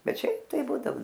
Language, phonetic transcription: Lithuanian, ˈbet ˈšiaip tai ˈbūdao

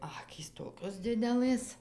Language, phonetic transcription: Lithuanian, ˈakys ˈtokios ˈdidelɘs

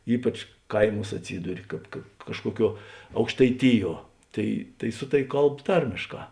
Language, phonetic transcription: Lithuanian, ˈypač ˈkaiˌmūs atˈsyduri ˈkāp ka ˈkažkuoˌkiuo aukštaiˈtiˌjuo ˈtai tai ˈsu taˌvi ˈkalb ˈtarmėšˌkā

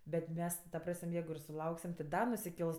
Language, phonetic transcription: Lithuanian, ˈbet ˈmes ti ta ˈpras'm' ˈjeigu ir suˈlauksim ti da nusiˈkels

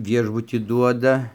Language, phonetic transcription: Lithuanian, ˈviešbutį ˈduoda

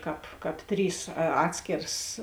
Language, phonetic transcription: Lithuanian, ˈkāp kap ˈtrys a ˈatskėras

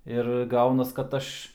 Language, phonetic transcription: Lithuanian, ir ˈgaunas kad ˈaš

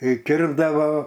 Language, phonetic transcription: Lithuanian, i ˈkirpdavo

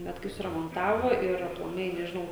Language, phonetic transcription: Lithuanian, ˈbet kai suramonˈtavo ir aplaˈmai nežiˈnau

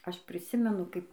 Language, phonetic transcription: Lithuanian, ˈaš priˈsimenu ˈkaip

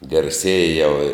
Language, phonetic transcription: Lithuanian, garˈsieja jau i

